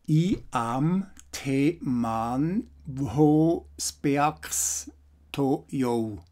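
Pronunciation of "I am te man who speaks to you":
The English sentence 'I am the man who speaks to you' is read literally as if it were German, with each word pronounced exactly as it is written.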